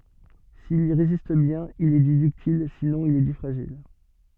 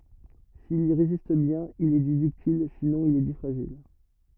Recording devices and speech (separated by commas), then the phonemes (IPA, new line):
soft in-ear microphone, rigid in-ear microphone, read sentence
sil i ʁezist bjɛ̃n il ɛ di dyktil sinɔ̃ il ɛ di fʁaʒil